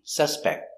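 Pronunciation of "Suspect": In 'suspect', the final t is a stop T.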